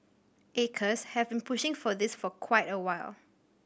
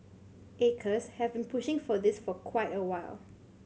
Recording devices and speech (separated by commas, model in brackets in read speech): boundary microphone (BM630), mobile phone (Samsung C7100), read sentence